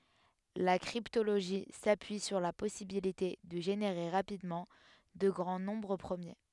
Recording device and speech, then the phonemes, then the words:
headset microphone, read sentence
la kʁiptoloʒi sapyi syʁ la pɔsibilite də ʒeneʁe ʁapidmɑ̃ də ɡʁɑ̃ nɔ̃bʁ pʁəmje
La cryptologie s'appuie sur la possibilité de générer rapidement de grands nombres premiers.

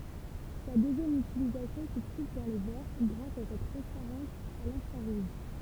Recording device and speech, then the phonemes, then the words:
temple vibration pickup, read sentence
sa døzjɛm ytilizasjɔ̃ sə tʁuv dɑ̃ le vɛʁ ɡʁas a sa tʁɑ̃spaʁɑ̃s a lɛ̃fʁaʁuʒ
Sa deuxième utilisation se trouve dans les verres, grâce à sa transparence à l'infrarouge.

